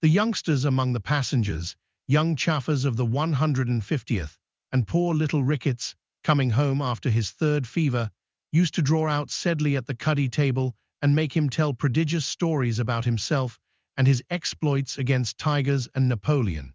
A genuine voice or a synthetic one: synthetic